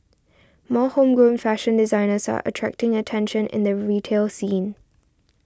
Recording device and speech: standing microphone (AKG C214), read sentence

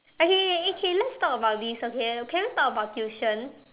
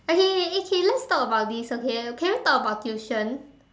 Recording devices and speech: telephone, standing microphone, conversation in separate rooms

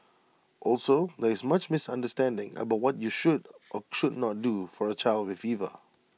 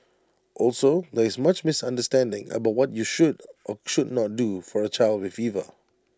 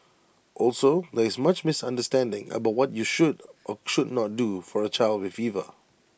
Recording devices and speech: mobile phone (iPhone 6), standing microphone (AKG C214), boundary microphone (BM630), read sentence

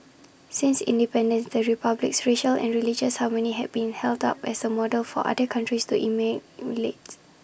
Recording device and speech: boundary microphone (BM630), read sentence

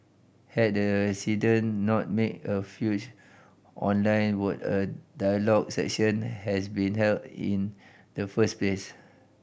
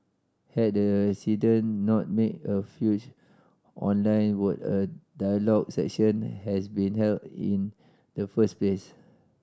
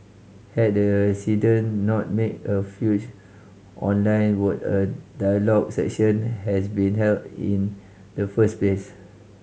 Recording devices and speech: boundary microphone (BM630), standing microphone (AKG C214), mobile phone (Samsung C5010), read sentence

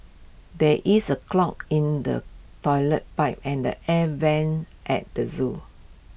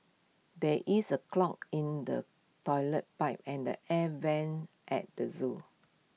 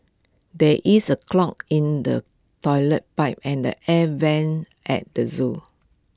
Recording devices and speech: boundary microphone (BM630), mobile phone (iPhone 6), close-talking microphone (WH20), read sentence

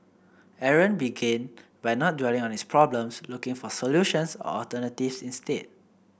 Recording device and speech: boundary microphone (BM630), read sentence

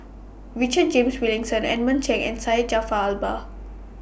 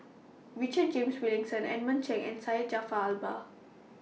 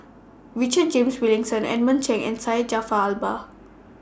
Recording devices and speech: boundary microphone (BM630), mobile phone (iPhone 6), standing microphone (AKG C214), read sentence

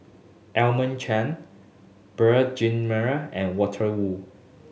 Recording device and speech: mobile phone (Samsung S8), read sentence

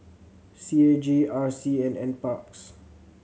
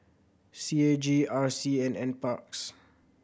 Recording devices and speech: mobile phone (Samsung C7100), boundary microphone (BM630), read sentence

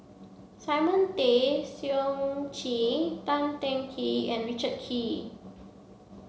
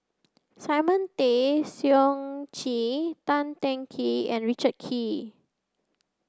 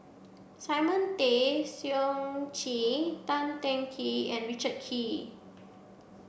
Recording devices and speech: mobile phone (Samsung C7), close-talking microphone (WH30), boundary microphone (BM630), read sentence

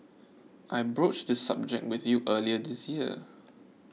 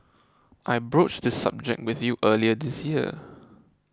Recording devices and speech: mobile phone (iPhone 6), close-talking microphone (WH20), read sentence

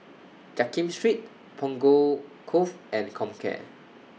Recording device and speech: mobile phone (iPhone 6), read sentence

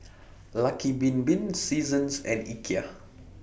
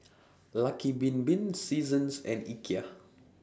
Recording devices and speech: boundary microphone (BM630), standing microphone (AKG C214), read sentence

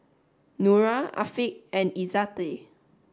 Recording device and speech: standing microphone (AKG C214), read sentence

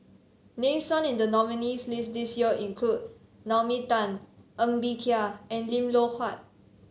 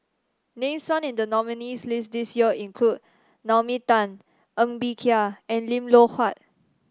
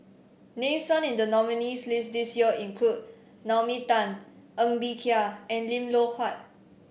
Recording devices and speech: mobile phone (Samsung C7), standing microphone (AKG C214), boundary microphone (BM630), read sentence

